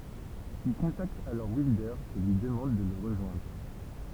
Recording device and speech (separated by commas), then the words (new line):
temple vibration pickup, read sentence
Il contacte alors Wilder et lui demande de le rejoindre.